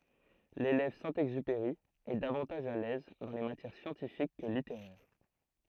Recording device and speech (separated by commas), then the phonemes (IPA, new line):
throat microphone, read sentence
lelɛv sɛ̃ ɛɡzypeʁi ɛ davɑ̃taʒ a lɛz dɑ̃ le matjɛʁ sjɑ̃tifik kə liteʁɛʁ